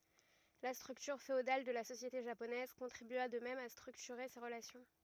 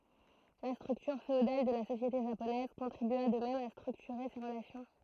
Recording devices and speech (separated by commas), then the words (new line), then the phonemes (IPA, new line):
rigid in-ear microphone, throat microphone, read sentence
La structure féodale de la société japonaise contribua de même à structurer ces relations.
la stʁyktyʁ feodal də la sosjete ʒaponɛz kɔ̃tʁibya də mɛm a stʁyktyʁe se ʁəlasjɔ̃